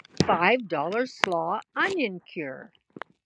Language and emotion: English, surprised